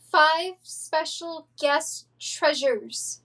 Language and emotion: English, fearful